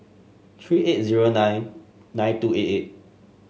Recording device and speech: mobile phone (Samsung S8), read sentence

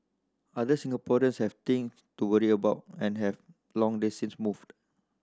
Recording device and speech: standing microphone (AKG C214), read sentence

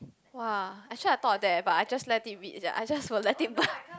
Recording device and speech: close-talking microphone, conversation in the same room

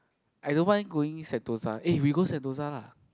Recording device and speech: close-talking microphone, conversation in the same room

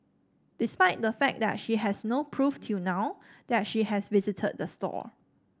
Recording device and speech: standing microphone (AKG C214), read sentence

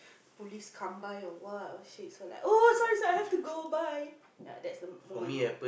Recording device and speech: boundary microphone, conversation in the same room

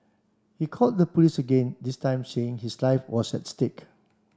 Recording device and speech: standing microphone (AKG C214), read sentence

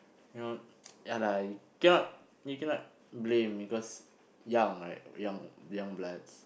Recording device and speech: boundary microphone, conversation in the same room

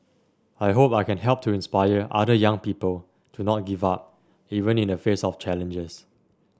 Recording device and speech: standing microphone (AKG C214), read sentence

